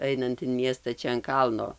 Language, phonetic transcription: Lithuanian, ˈainant in ˈmiesta ˈčia an ˈkalno

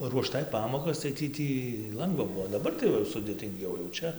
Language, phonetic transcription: Lithuanian, ruoˈštai ˈpamokas tai ˈtį ˈtį ˈlangva ˈbuvo daˈbar tai ˈva jau sudėtinˈgiau jau ˈčia

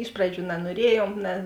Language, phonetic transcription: Lithuanian, ˈiš praˌdžių nanuoˈriejuom ne

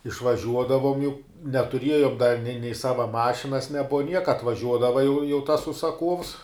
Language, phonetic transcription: Lithuanian, išvaˈžiuodavom jau netuˈriejom da nei nei ˈsava ˈmašinas neˈbuva ˈnieka atvaˈžiuodava jau jau tas užsaˈkuovs

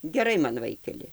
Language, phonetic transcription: Lithuanian, geˈrai man ˈvaikeli

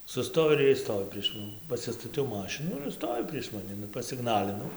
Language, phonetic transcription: Lithuanian, suˈstoj ir ˈiej ˈstovi prieš ˈmani pasistaˈtiau ˈmašinų ir ˈstovi prieš maˈni nu pasiˈgnalinau

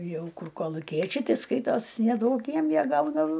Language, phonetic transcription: Lithuanian, ˈjau ˈkur koluˈkiečiai ˈti ˈskaitos neˈduok ˈjiem ˈjie ˈgaudav

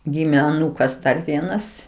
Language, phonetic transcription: Lithuanian, ˈgimė aˈnūkas ˈdar ˈvienas

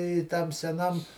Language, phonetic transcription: Lithuanian, i ˈtam seˈnam

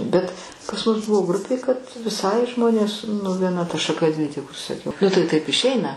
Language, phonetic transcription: Lithuanian, bet pas mus ˈbuvo ˈgrupė kad viˈsai ˈžmonės nu vieˈna ta šaˈka dvi tik užsisaˈkiau nu tai taip išˈeina

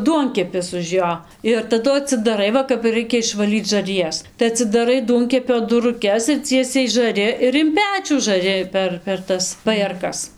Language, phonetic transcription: Lithuanian, ˈduonkepis už ˈjo ir taˈdu atsidaˈrai ˈva kap ir ˈraikia išvaˈlyc žarˈjas tai atsidaˈrai ˈduonkepio duruˈkes ir ˈciesiai žaˈri ir in ˈpečių žaˈri ˈper per ˈtas pajėrˈkas

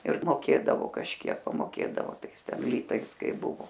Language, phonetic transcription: Lithuanian, ir moˈkėdavo kažˈkiek pamoˈkėdavo ˈtais ˈten ˈlytais ˈkai ˈbuvo

